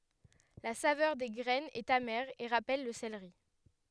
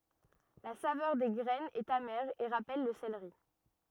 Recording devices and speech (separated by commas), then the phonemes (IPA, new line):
headset microphone, rigid in-ear microphone, read sentence
la savœʁ de ɡʁɛnz ɛt amɛʁ e ʁapɛl lə seleʁi